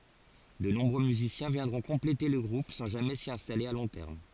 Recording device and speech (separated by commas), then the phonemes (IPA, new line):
forehead accelerometer, read sentence
də nɔ̃bʁø myzisjɛ̃ vjɛ̃dʁɔ̃ kɔ̃plete lə ɡʁup sɑ̃ ʒamɛ si ɛ̃stale a lɔ̃ tɛʁm